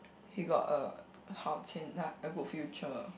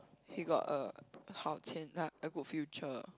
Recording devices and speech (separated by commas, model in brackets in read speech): boundary microphone, close-talking microphone, conversation in the same room